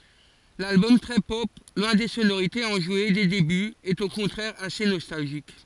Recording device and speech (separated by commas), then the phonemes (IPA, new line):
forehead accelerometer, read sentence
lalbɔm tʁɛ pɔp lwɛ̃ de sonoʁitez ɑ̃ʒwe de debyz ɛt o kɔ̃tʁɛʁ ase nɔstalʒik